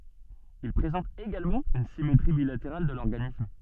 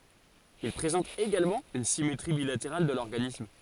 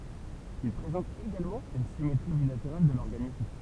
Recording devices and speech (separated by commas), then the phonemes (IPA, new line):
soft in-ear microphone, forehead accelerometer, temple vibration pickup, read sentence
il pʁezɑ̃tt eɡalmɑ̃ yn simetʁi bilateʁal də lɔʁɡanism